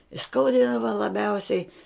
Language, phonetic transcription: Lithuanian, i ˈskaudydava laˈbiausiai

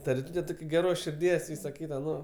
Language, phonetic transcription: Lithuanian, ta riˈtūte ˈtok' geˈros širˈdies ˈvysa ˈkyta ˈno

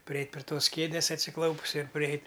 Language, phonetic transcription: Lithuanian, priˈeit' pri ˈtos ˈkėdės atsiˈklaupus ir priˈeit'

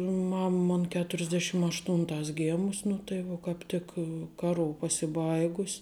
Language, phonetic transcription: Lithuanian, ˈmam ˈmon keturisˈdešim ašˈtūntās ˈgėmus nu tai ˈvuo kāp ˈtik kaˈrū pasiˈbaigus'

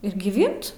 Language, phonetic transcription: Lithuanian, ir giˈvint

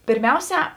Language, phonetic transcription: Lithuanian, pėrˈmiauˌsiā

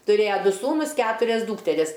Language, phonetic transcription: Lithuanian, tuˈrėja ˈdu ˈsūnus ˈketurias ˈdūkteris

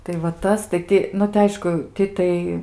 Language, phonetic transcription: Lithuanian, tai va ˈtas tai ˈti nu tai ˈaišku ˈti tai

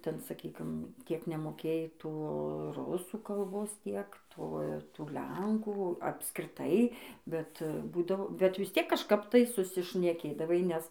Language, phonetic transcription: Lithuanian, ˈten saˈkykim ˈtiek nemoˈkėjai ˈto ˈrusų kalˈbos ˈtiek ˈto ˈtų ˈlenkų apskriˈtai bet ˈbūdavo bet vis ˈtiek kažˈkap tai susišneˈkėdavai nes

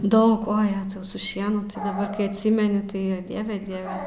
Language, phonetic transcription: Lithuanian, ˈdaug ˈo ˈjetau su ˈšienu tai daˈbar kai atˈsimeni ˈtai ˈdieve ˈdieve

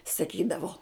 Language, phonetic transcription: Lithuanian, saˈkydavo

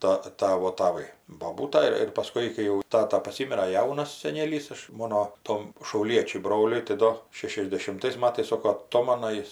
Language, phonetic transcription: Lithuanian, ta ˈtavo taˈvai boˈbūta ir ir paˈskui kai ˈjau ˈtata paˈsymira ˈjaunas seˈnėlys ˈaš ˈmono ˈtom šauˈliečiui ˈbroliui tai ˈdo šešiasdešimˈtais ˈmatais ˈsoko aˈtomana ˈjis

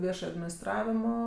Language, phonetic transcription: Lithuanian, ˈviešaj adminisˈtravimo

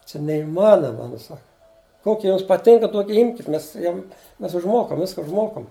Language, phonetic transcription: Lithuanian, čia neiˈmanoma nu ˈsaka ˈkoki ˈjums paˈtinka ˈtuoki ˈimkit ˈmes ˈjum ˈmes užˈmokam ˈviska užˈmokam

